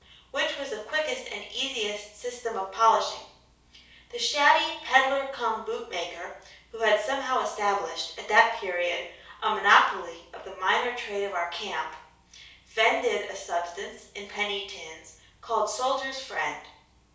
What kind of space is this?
A small room.